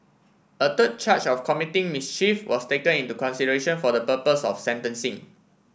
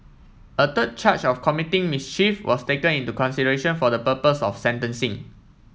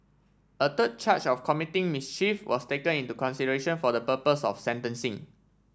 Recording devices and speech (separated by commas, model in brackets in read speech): boundary microphone (BM630), mobile phone (iPhone 7), standing microphone (AKG C214), read sentence